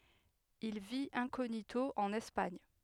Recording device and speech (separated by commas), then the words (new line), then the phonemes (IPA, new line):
headset microphone, read sentence
Il vit incognito en Espagne.
il vit ɛ̃koɲito ɑ̃n ɛspaɲ